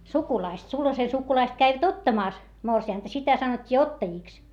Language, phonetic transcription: Finnish, sukulaist , sulhase sukulaist käivät ottamàs , morsi₍ànta , sitä sanot́t́ii ottajìks .
- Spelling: sukulaiset sulhasen sukulaiset kävivät ottamassa morsianta sitä sanottiin ottajiksi

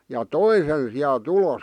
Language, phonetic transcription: Finnish, ja "toi sen siäˡ"t ‿ulòs .
- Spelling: ja toi sen sieltä ulos

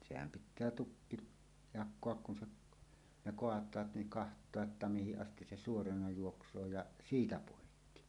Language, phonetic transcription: Finnish, sehäm pit̆tää "tukki , 'jak̆koak kun se , ne 'koat̀aat niŋ "kaht̀oa’ ’että 'mihiˀ 'ˀastis se "suorana 'juoks̀oo ja , "siitä 'pòikki .
- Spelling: sehän pitää tukki jakaa kun se ne kaataa niin katsoa että mihin asti se suorana juoksee ja siitä poikki

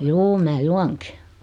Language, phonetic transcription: Finnish, juu 'mää "juaŋki .
- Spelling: juu minä juonkin

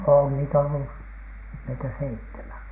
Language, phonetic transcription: Finnish, on niitä ollu , 'meitä "seittemän .
- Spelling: on niitä ollut meitä seitsemän

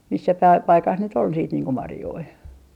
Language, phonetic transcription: Finnish, missä päi- , 'paikas nyt ‿ol siit niiŋ ko "marjoi .
- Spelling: missä - paikassa nyt oli sitten niin kuin marjoja

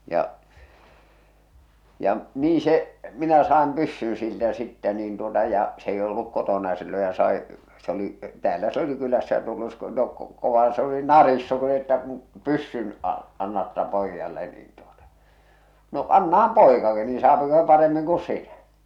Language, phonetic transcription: Finnish, ja , ja , 'nii se , minä 'saam 'pyssyn̬ siltä sittä niin tuota ja , s ‿èi olluk "kotona ja silloj ja sai , se ‿oli , 'täälä s ‿oli 'kylässä ja tullu (jos ko- tok-) , kovaa se oli "narissu että » kuṵ , "pyssyn a- , annatta 'poijjalle « niin tuotᴀ , no , » "annaham "pòḙkaki niin̬ 'saapiko sᴇ 'paremmiŋ ku "sinä « .
- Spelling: ja ja niin se minä saan pyssyn siltä sitten niin tuota ja se ei ollut kotona ja silloin ja sai se oli täällä se oli kylässä ja tullut - - - kovaa se oli narissut että kun pyssyn - annatte pojalle niin tuot no annahan poikakin niin saako se paremmin kuin sinä

